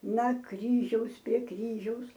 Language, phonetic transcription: Lithuanian, na ˈkryžiaus prie ˈkryžiaus

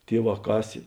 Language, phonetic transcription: Lithuanian, ˈtieˌvā ˈkasė

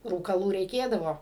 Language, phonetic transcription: Lithuanian, rūkaˈlų reiˈkėdavo

